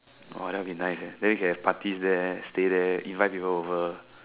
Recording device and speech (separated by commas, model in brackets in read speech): telephone, conversation in separate rooms